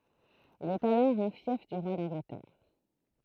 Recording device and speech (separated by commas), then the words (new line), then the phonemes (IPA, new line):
throat microphone, read sentence
Il est alors un fief du roi d'Angleterre.
il ɛt alɔʁ œ̃ fjɛf dy ʁwa dɑ̃ɡlətɛʁ